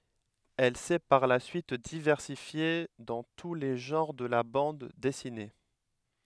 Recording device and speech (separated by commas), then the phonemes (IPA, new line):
headset microphone, read sentence
ɛl sɛ paʁ la syit divɛʁsifje dɑ̃ tu le ʒɑ̃ʁ də la bɑ̃d dɛsine